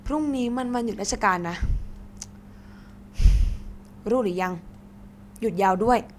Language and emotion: Thai, frustrated